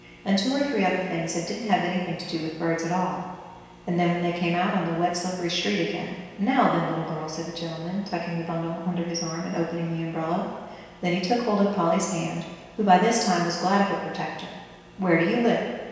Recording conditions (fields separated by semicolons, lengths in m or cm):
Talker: one person; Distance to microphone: 1.7 m; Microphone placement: close; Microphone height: 1.0 m; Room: very reverberant, large; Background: none